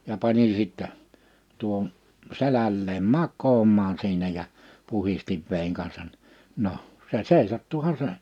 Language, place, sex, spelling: Finnish, Liperi, male, ja panin sitten tuohon selälleen makaamaan siinä ja puhdistin veden kanssa niin no se seisahtuihan se
- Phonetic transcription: ja 'panin sittɛ , 'tuo(ho)n , 'selälleem "mak̆koomaan 'siinä ja , 'puhistiv 'vèin kansan (ni) , 'noʰ , se "sèisattuha 'se .

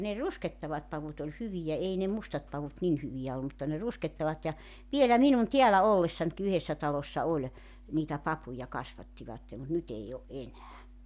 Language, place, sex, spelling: Finnish, Joutsa, female, ne ruskehtavat pavut oli hyviä ei ne mustat pavut niin hyviä ollut mutta ne ruskehtavat ja vielä minun täällä ollessanikin yhdessä talossa oli niitä papuja kasvattivat mutta nyt ei ole enää
- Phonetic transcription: ne "ruskettavat pavut ‿oĺ "hyvijä , 'ei ne 'mustat 'pavut 'nin 'hyvijä ollu mutta ne 'ruskettavat ja , 'vielä 'minun 'tiälä "ollessanki 'yhessä 'talossa 'oĺ , niitä 'papuja 'kasvattivatte mut 'nyt ‿ei o , "’enää .

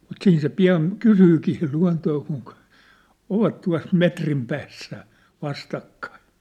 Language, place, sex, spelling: Finnish, Sippola, male, mutta siinä se pian kysyykin sitten luontoa - ovat tuossa metrin päässä vastakkain
- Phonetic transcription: mut 'siin se 'pi₍an , 'kysyykii sit lua̭ntoo kuŋ̳k̳- , ovat tua̭s "metrim päässä , 'vastakkaiʿⁿ̬ʾ .

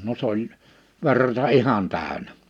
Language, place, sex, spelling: Finnish, Liperi, male, no se oli verta ihan täynnä
- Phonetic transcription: no s ‿oĺ , 'ver̀ta "ihan 'tä̀önä .

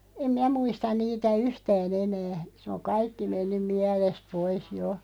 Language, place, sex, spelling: Finnish, Loppi, female, en minä muista niitä yhtään enää se on kaikki mennyt mielestä pois jo
- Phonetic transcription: 'em "mi(n)ä 'muistan 'niitä "yhtää'n ‿enää , sᵉ oŋ "kaikki 'mennym "miälest 'pois 'jo .

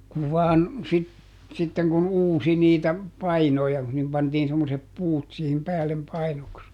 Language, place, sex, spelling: Finnish, Juupajoki, male, kun vain - sitten kun uusi niitä painoja kun sinne pantiin semmoiset puut siihen päälle painoksi
- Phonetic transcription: kuv ˈvaan , sit- , ˈsitteŋ kun "uusi niitä , "painoja , (kun sinnem) ˈpantiin semmosep "puut sihim ˈpäällem ˈpainoks .

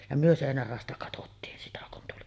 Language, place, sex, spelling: Finnish, Sotkamo, female, ja me seinän raosta katsottiin sitä kun tuli
- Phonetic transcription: ja myö 'sèinär ràosta katottiin 'sitä kun tuli .

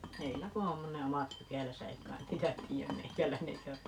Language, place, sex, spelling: Finnish, Paavola, female, heillä kun on ne omat pykälänsä ei kai niitä tiedä meikäläinen eikä
- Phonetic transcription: 'heillä ku om , ne 'omat "pykäläsä - 'ei kain "niitä 'tii₍äm "meikäläine eikä ,.

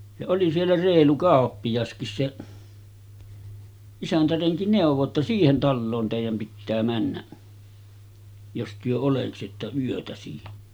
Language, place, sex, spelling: Finnish, Sotkamo, male, ja oli siellä reilu kauppiaskin se isäntärenki neuvoi jotta siihen taloon teidän pitää mennä jos te oleksitte yötä siinä
- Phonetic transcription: ja oli siellä 'reelu 'kàoppijaskis seˀ , 'isäntäreŋki 'nèuv̆vo ‿tta » 'siihen 'talloon tèijäm pittää männäˀ , jos työ oleksitta 'yötä siinᴀ̈ « .

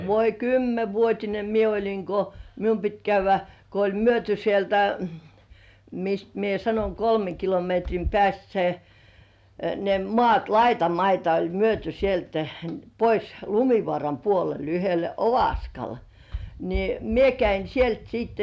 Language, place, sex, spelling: Finnish, Kurkijoki, female, voi kymmenvuotinen minä olin kun minun piti käydä kun oli myyty sieltä mistä minä sanoin kolmen kilometrin päästä se ne maat laitamaita oli myyty sieltä pois Lumivaaran puolelle yhdelle Ovaskalle niin minä kävin sieltä sitten
- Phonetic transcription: 'voi "kymmevuot́ine "mie oĺiŋ ko , "mium pit käyvvä , ko oĺ myöty 'sieltä , 'mist mie 'sanoⁱŋ "kolmeŋ kilometrim 'pĕä̀st se , ne "mŏàt "laitamaita oĺ "myöty 'sieltᴀ̈ , pois "Lumi̳§vŏàram puolel yhele "Ovaskal , ni , "mie käin̬ "sielt siitte .

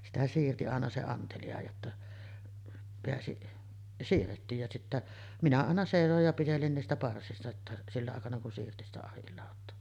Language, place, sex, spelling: Finnish, Sotkamo, female, sitä siirsi aina se antelija jotta pääsi siirrettiin ja sitten minä aina seisoin ja pitelin niistä parsista jotta sillä aikana kun siirsi sitä ahdinlautaa
- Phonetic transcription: 'sitä siirti 'àena se 'antelija jotta peäsi , 'siirrettiij ja sittä , "minä àena 'sèisoj ja 'pitelin niistä 'parsista ‿tta , 'silla àekana kun siirti sitä 'ahillàot̆too .

